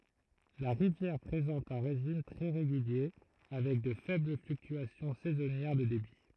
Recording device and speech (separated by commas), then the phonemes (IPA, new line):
throat microphone, read sentence
la ʁivjɛʁ pʁezɑ̃t œ̃ ʁeʒim tʁɛ ʁeɡylje avɛk də fɛbl flyktyasjɔ̃ sɛzɔnjɛʁ də debi